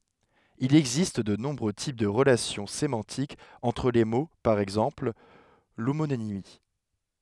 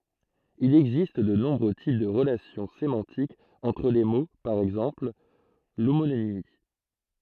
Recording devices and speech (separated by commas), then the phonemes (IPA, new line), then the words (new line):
headset microphone, throat microphone, read sentence
il ɛɡzist də nɔ̃bʁø tip də ʁəlasjɔ̃ semɑ̃tikz ɑ̃tʁ le mo paʁ ɛɡzɑ̃pl lomonimi
Il existe de nombreux types de relations sémantiques entre les mots, par exemple, l'homonymie.